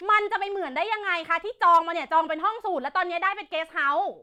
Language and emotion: Thai, angry